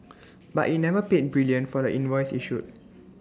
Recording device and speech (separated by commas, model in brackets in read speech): standing microphone (AKG C214), read sentence